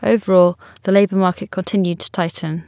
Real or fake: real